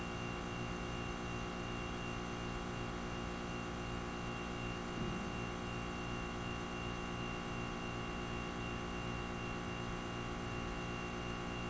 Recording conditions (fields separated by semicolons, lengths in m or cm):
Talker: no one; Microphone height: 1.0 m; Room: very reverberant, large; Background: none